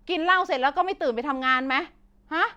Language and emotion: Thai, angry